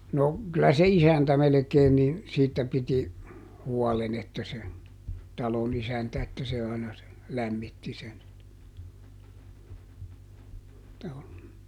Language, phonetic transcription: Finnish, no , kylä se "isäntä melᵉkeen ni , ˈsiittä piti , ˈhuɔlen ‿että se , ˈtalon ‿isäntä että se aina se , ˈlämmitti sen , (joo) .
- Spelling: no kyllä se isäntä melkein niin siitä piti huolen että se talon isäntä että se aina se lämmitti sen joo

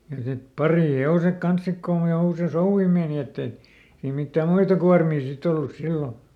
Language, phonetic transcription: Finnish, ja sit "parìˈhe₍osek ˈkans ˈsik kon jo usei "souvvi meeni ette , ei ˈmittä "muita kuarmii ˈsit ‿ollus ˈsillo .
- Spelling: ja sitten parihevoset kanssa sitten kun jo usein souvi meni että ei mitään muita kuormia sitten ollut silloin

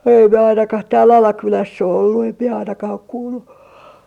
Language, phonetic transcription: Finnish, (em mie) ainakah tääl Alakyläss ‿o ollu em mie 'ainakah ‿ok 'kuulu .
- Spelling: en minä ainakaan täällä Alakylässä ole ollut en minä ainakaan ole kuullut

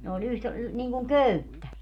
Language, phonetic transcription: Finnish, ne ‿o'ĺ ‿yht- , niŋkuŋ "köyttä .
- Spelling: ne oli - niin kuin köyttä

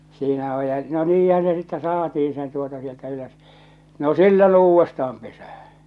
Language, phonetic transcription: Finnish, 'siinä oj ja , no 'niihän̬ se sittɛ "saatiiḭ sen tuota sieltä ylös , no 'sill(on ne) 'uuvvesta₍am pesähä .
- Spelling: siinä on ja no niinhän se sitten saatiin sen tuota sieltä ylös no silloin ne uudestaan pesään

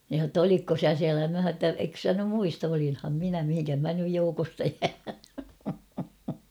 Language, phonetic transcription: Finnish, nin̬ s̬a ‿tt‿ » olikko "sä 'siälä ? « mä h̬a ‿tta » ek sä nym 'muist ‿olin̳ham 'minä mihiŋkäh mä nyj 'joukosta jää ? «
- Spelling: niin sanoi jotta olitko sinä siellä minä sanoin jotta etkö sinä nyt muista olinhan minä mihinkäs minä nyt joukosta jään

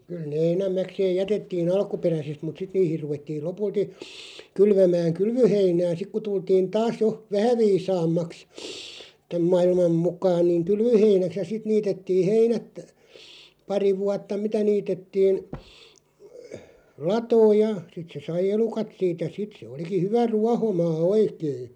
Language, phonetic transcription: Finnish, kyl ne 'enämmäkseeʲ "jätettii'n ‿alkuperäsest mut 'sit niihir 'ruvettiil 'lopulti , 'kylvämääŋ "kylvöheinää 'sik ku 'tultiin "taas 'jo , "vähä 'viisaammaks , 'täm "ma₍ilmam 'muk̀aan niiᵑ "kylvöheinäks ja 'sit 'niitettiiʰ 'heinät , 'pari 'vuatta "mitä 'niitettiin , "latooj ja sit se 'sai "elukat 'siit ja 'sit se 'oliki "hyvä "ruahomaa "oikei .
- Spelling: kyllä ne enimmäkseen jätettiin alkuperäisesti mutta sitten niihin ruvettiin lopulta kylvämään kylvöheinää sitten kun tultiin taas jo vähän viisaammaksi tämän maailman mukaan niin kylvöheinäksi ja sitten niitettiin heinät pari vuotta mitä niitettiin latoon ja sitten se sai elukat siitä ja sitten se olikin hyvä ruohomaa oikein

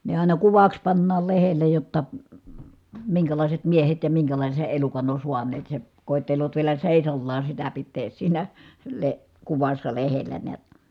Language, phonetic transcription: Finnish, ne ài̮na kuvaks pannaal lehele jotta , miŋkälàiset miehet ja miŋkälàise elukan ‿on̬ suaneet se , kòi̮tteloot vielä sèisallaa sitä pittees siinä , le- , kuvassa lehellä neät .
- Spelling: ne aina kuvaksi pannaan lehdelle jotta minkälaiset miehet ja minkälaisen elukan on saaneet se koettelevat vielä seisaallaan sitä pitää siinä - kuvassa lehdellä näet

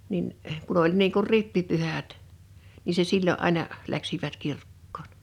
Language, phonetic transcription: Finnish, nin , kun ‿oĺ 'niiŋ kur "rippipyhät , ni se 'sillo’ '’àina , 'läksivät 'kirkkooɴ .
- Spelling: niin kun oli niin kuin rippipyhät niin se silloin aina lähtivät kirkkoon

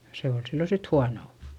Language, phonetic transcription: Finnish, se ol sillo sit huanò .
- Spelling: se oli silloin sitten huono

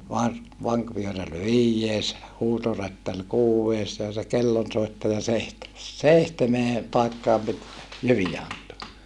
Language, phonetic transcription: Finnish, nii no , rovasti yks kappalaenen tòenel lukkar kolomaas , teemanni neljääs ja hauwaŋkàivaja , var- , vaŋkvyöräl viijjees , huutorättäl kuuwvees ja se kellonsoittaja seihtemes , seihtemee , pai̮kkaam pit jyvijä ant(oa) .
- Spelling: niin no rovasti yksi kappalainen toinen lukkari kolmas teemanni neljäs ja haudankaivaja - vankivyöräri viides huutorättäri kuudes ja se kellonsoittaja seitsemäs seitsemään paikkaan piti jyviä antaa

